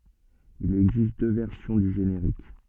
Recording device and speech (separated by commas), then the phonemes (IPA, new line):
soft in-ear microphone, read sentence
il ɛɡzist dø vɛʁsjɔ̃ dy ʒeneʁik